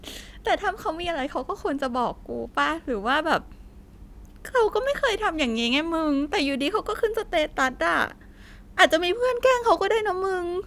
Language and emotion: Thai, sad